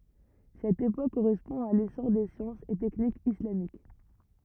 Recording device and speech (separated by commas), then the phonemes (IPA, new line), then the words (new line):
rigid in-ear microphone, read sentence
sɛt epok koʁɛspɔ̃ a lesɔʁ de sjɑ̃sz e tɛknikz islamik
Cette époque correspond à l'essor des sciences et techniques islamiques.